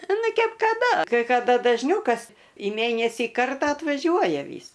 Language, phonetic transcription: Lithuanian, ˈnu ˈkep kaˈda kai kaˈda dažˈniau kas į ˈmėnesį ˈkartą atvaˈžiuoja ˈvys

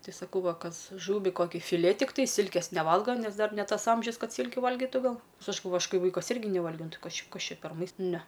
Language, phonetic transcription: Lithuanian, ˈtai saˈkau ˈva ˈkas ˈžūvį ˈkoki fiˈlė tikˈtai ˈsilkės neˈvalga ˈnes ˈdar ne ˈtas ˈamžius ˈkad ˈsylkiu ˈvalgitu ˈgal ˈnes ˈaš galˈvoju ˈaš ˈkai ˈvaikas ˈirgi neˈvalgiau ˈnu ˈtɨ ˈkas ˈčia ˈkas ˈčia per mais ˈne

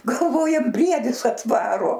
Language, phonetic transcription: Lithuanian, galˈvojam ˈbriedis atˈvaro

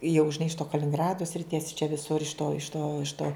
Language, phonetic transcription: Lithuanian, jau žiˈnai iš to kalininˈgrado sriˈties čia viˈsur iš to iš to iš to

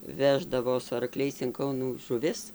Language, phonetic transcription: Lithuanian, ˈveždavo su arˈkliais in ˈkaunų žuˈvis

